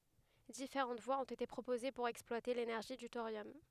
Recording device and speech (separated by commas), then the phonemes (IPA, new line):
headset microphone, read sentence
difeʁɑ̃t vwaz ɔ̃t ete pʁopoze puʁ ɛksplwate lenɛʁʒi dy toʁjɔm